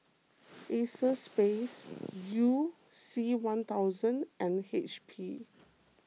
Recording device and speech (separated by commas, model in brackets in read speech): mobile phone (iPhone 6), read sentence